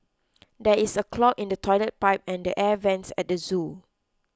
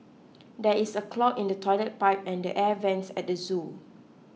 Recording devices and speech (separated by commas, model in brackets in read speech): close-talking microphone (WH20), mobile phone (iPhone 6), read sentence